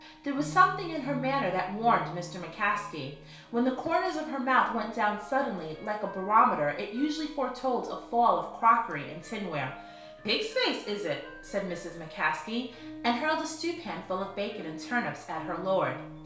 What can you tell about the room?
A small room (about 3.7 m by 2.7 m).